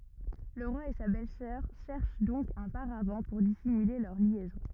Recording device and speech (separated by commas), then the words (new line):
rigid in-ear microphone, read sentence
Le roi et sa belle-sœur cherchent donc un paravent pour dissimuler leur liaison.